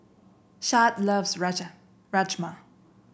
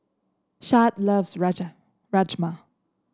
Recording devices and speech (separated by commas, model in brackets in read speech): boundary microphone (BM630), standing microphone (AKG C214), read sentence